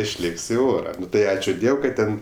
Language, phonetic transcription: Lithuanian, išˈlėk's' i ˈora ˈnu ˈtai ˈačiu ˈdiev kad ˈten

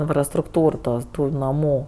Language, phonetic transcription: Lithuanian, infrastrukˈtūr ˈtos ˈtų naˈmų

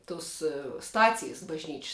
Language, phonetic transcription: Lithuanian, ˈtus ˈstacijs bažˈnyč's'

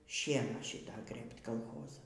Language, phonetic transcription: Lithuanian, ˈšieną ˈšita ˈgrɘbt kalˈchoza

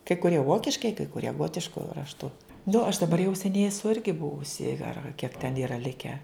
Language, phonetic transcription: Lithuanian, kai kuˈrie ˈvokiškai kai kuˈrie ˈgotišku rašˈtu nu aš daˈbar jau seˈniai eˈsu ˈirgi ˈbuvusi ar ar kiek ten ˈyra ˈlike

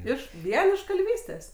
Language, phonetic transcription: Lithuanian, ˈiš ˈvien iš kalˈvystės

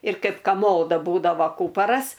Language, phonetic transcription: Lithuanian, ir ˈkaip kaˈmoda ˈbūdava ˈkūparas

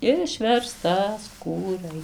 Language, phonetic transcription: Lithuanian, išverstaˈskūrai

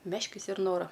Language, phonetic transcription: Lithuanian, ˈmeškis ir ˈnora

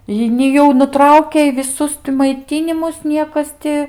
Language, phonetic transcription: Lithuanian, ˈjei ni ˈjau nuˈtraukei viˈsus ti maiˈtynimus ˈniekas ti

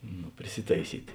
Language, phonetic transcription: Lithuanian, nu priˈsitaiˈsyt'

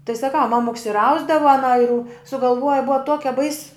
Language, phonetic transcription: Lithuanian, tai saˈkau ˈmamuks ir ˈausdava aˈna ir u sugalˈvuoja ˈbua ˈtuokia bais

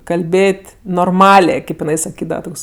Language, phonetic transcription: Lithuanian, kalˈbėt' norˈmalė ˈkaip jiˈnai saˈkydava ˈtoks

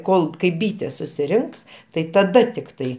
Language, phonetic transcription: Lithuanian, ˈkol kai ˈbytės susiˈrinks tai taˈda tikˈtai

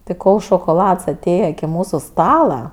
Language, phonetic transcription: Lithuanian, ti ˈkol šokoˈlads aˈtėje iki ˈmūsu ˈstala

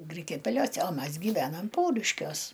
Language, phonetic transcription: Lithuanian, ˈgrikiapeliose o ˈmas gyˈvenam ˈpauriškiuos

